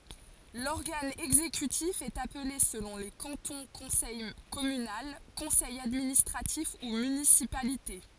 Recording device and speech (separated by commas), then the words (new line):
forehead accelerometer, read sentence
L'organe exécutif est appelé selon les cantons conseil communal, Conseil administratif ou municipalité.